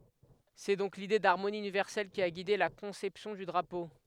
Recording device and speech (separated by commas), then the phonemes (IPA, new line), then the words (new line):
headset microphone, read sentence
sɛ dɔ̃k lide daʁmoni ynivɛʁsɛl ki a ɡide la kɔ̃sɛpsjɔ̃ dy dʁapo
C'est donc l'idée d'harmonie universelle qui a guidé la conception du drapeau.